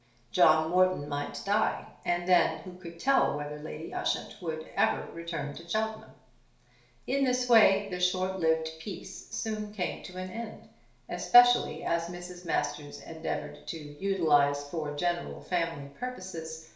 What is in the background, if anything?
Nothing.